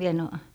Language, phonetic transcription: Finnish, mie en ‿o ,.
- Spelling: minä en ole

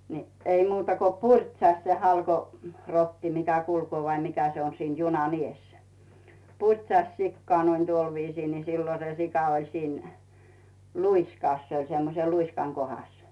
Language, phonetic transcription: Finnish, ni , ei muuta ko "puŕtsaht se 'halko- , rotti 'mikä kulkoo vai mikä se on siin 'junan ‿"ies , 'puŕtsaś 'sikkoà noin 'tuol viisii ni , 'sillo se sika oĺ siin , 'luiskàs se oĺ semmose 'luiskaŋ 'kohas .
- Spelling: niin ei muuta kuin purtsahti se - halkorotti mikä kulkee vai mikä se on siinä junan edessä purtsasi sikaa noin tuolla viisiin niin silloin se sika oli siinä luiskassa se oli semmoisen luiskan kohdassa

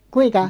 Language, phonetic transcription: Finnish, kuiŋka ?
- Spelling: kuinka

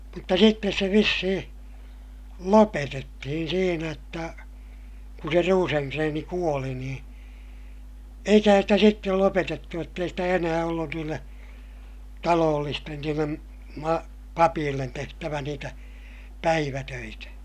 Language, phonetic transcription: Finnish, mutta sittes se vissihiḭ , lopetettihin siinä jotta , kun se Ruuseŋkreeni kuoli niḭ , eikähän sitä sittel lopetettu jott ‿ei stä enää ollun niille , taloollisten niillem- , ma- , papiillen tehtävä niitä , päivätöitä .
- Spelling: mutta sitten se vissiin lopetettiin siinä jotta kun se Rosengren kuoli niin eikähän sitä sitten lopetettu jotta ei sitä enää ollut niille talollisten niille - papeille tehtävä niitä päivätöitä

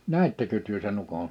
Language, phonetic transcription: Finnish, nä̀ittekö työ se'n ‿ukon ?
- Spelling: näittekö te sen ukon

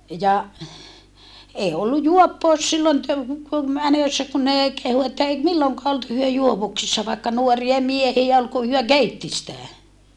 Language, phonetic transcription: Finnish, ja , ee ollu juoppòus sillon tö- , ku - mänössä kun nè kehu että èi milloŋkaa olt hyö juovuksissa vaikka nuoria miehie ol ku hyö keitti sitä .
- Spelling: ja ei ollut juoppous silloin - - menossa kun ne kehui että ei milloinkaan ollut he juovuksissa vaikka nuoria miehiä oli kun he keitti sitä

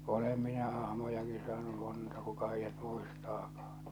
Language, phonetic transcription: Finnish, 'olem minä 'ahmojaki saanu 'monta 'kuka heijjät 'muistaakᴀᴀ .
- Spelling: olen minä ahmojakin saanut monta kuka heidät muistaakaan

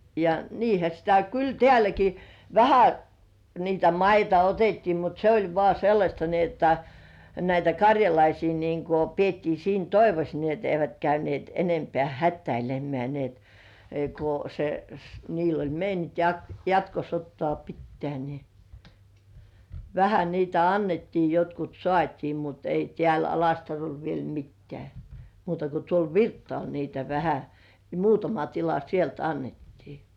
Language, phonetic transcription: Finnish, ja "niihä sitä , "kyl 'tĕä̀läki , "vähä , niitä 'maita otettii mut se ‿oĺ 'vŏà "sellaśta ni ‿otta , näitä "kaŕjalaisii niiŋko 'piettii siin "toivos nii et eivät käynĭèt 'enempĕä̀ "hättäilem̆mĕä̀ ni et , ku se s- , niil ‿oĺ 'meiniŋk "jatkosottŏà 'pittĕä̀ ni , "vähä niitä 'annettii jotkut 'sŏàt́ii mut ei 'tĕä̀l ‿"Alastarol viel 'mittĕä̀ , muuta ko tuol "Virttŏàl niitä 'vähä , ne 'muutama tila "sielt 'annettii .
- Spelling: ja niinhän sitä kyllä täälläkin vähän niitä maita otettiin mutta se oli vain sellaista niin jotta näitä karjalaisia niin kuin pidettiin siinä toivossa niin että eivät käyneet enempää hätäilemään niin että kun se - niillä oli meininki jatkosotaa pitää niin vähän niitä annettiin jotkut saatiin mutta ei täällä Alastarolla vielä mitään muuta kuin tuolla Virttaalla niitä vähän ne muutama tila sieltä annettiin

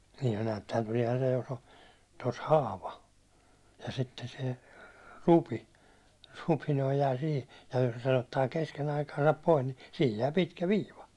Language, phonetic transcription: Finnish, (sihin näättehän tuliɛhan se jos ‿o) , tos 'haava , ja 'sitte se , 'rupi , rupi jää sihi , ja jos sen ‿ottaa 'kesken ‿aikaasap 'pois ni , sihij jää 'pitkä "viiva .
- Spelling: siihen näettehän tuleehan se jos oli tuossa haava ja sitten se rupi rupi jää siihen ja jos sen ottaa kesken aikaansa pois niin siihen jää pitkä viiva

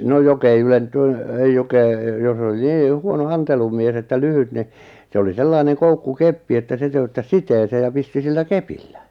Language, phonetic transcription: Finnish, 'no 'jok ‿ei ylentyn- , ei 'jok ‿è , jos ‿oli 'nii , 'huono "antelumies että "lyhyt ni , 'se oli 'sellaineŋ 'koukku'keppi että 'se töyttäs "siteesee ja 'pisti 'sillä "kepillä .
- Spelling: no joka ei - ei joka ei jos oli niin huono antelumies että lyhyt niin se oli sellainen koukkukeppi että se töyttäsi siteeseen ja pisti sillä kepillä

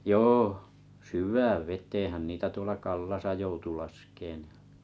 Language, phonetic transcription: Finnish, jôh , syyv̆vääv vet̀eehän niitä 'tuola Kallasa joutu 'laskeen .
- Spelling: joo syvään veteenhän niitä tuolla Kallassa joutui laskemaan

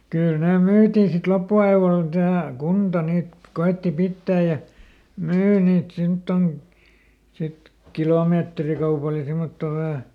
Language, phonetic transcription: Finnish, ˈkyl ˈnè ˈmyytì sit ˈloppu₍aivol tähä , ˈkunta niit , ˈko₍etti ˈpittää ja , ˈmyy niit ˈsimtton , sit "kilòmeetrikaupal ja ˈsimmottò ˈvähä .
- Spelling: kyllä ne myytiin sitten loppuajalla tähän kunta niitä koetti pitää ja myy niitä semmottoon sitten kilometrikaupalla ja semmottoon vähän

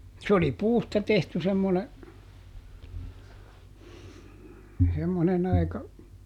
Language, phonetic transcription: Finnish, s ‿oli "puusta ˈtehty semmone , semmonen ‿aika ,.
- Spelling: se oli puusta tehty semmoinen semmoinen aika

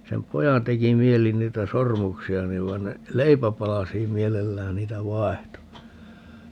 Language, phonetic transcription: Finnish, 'sem "pojan 'teki 'mieli 'niitä "sormuksi₍a 'niv - vai̮n ne , "leipäpalasiim 'mielellään niitä "vaehto .
- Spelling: sen pojan teki mieli niitä sormuksia niin vaan ne leipäpalasiin mielellään niitä vaihtoi

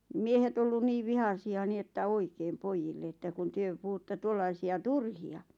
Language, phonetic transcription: Finnish, 'miehet ‿ollun 'niiv "vihasi₍a ni että "oikeem "poijille että kun 'tuyö puhutt(a) 'tuollaisi₍a "turhi₍a .
- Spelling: miehet ollut niin vihaisia niin että oikein pojille että kun te puhutte tuollaisia turhia

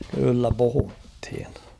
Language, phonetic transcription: Finnish, kyllä 'puhuthin .
- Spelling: kyllä puhuttiin

